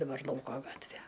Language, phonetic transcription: Lithuanian, daˈbar ˈlauko ˈgatvė

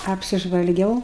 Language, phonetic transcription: Lithuanian, apsižvalˈgiau

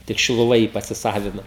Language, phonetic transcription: Lithuanian, tik šiluˈva jį pasiˈsavino

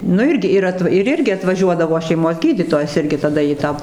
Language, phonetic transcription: Lithuanian, nu ˈirgi ir ˈat ir ˈirgi atvaˈžiuodavo šeiˈmos ˈgydytojas ˈirgi taˈda į ˈtą

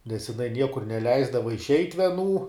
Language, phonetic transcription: Lithuanian, nes jiˈnai ˈniekur neˈleisdava išˈeit' vieˈnų

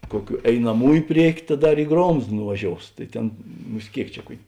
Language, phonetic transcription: Lithuanian, ˈkuoˌkių einaˈmųju ˈpriekiu ta ˈdar i ˈgromzd nuvaˈžious tai ˈtėn ˈmus't' ˈkėik čia ˈkuok'

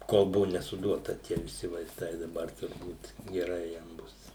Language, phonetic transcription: Lithuanian, ˈkol ˈbuvu nesuˈduota ˈtie viˈsi vaiˈstai daˈbar turˈbūt geˈrai jam ˈbus

